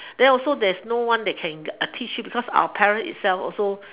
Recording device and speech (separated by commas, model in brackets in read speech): telephone, conversation in separate rooms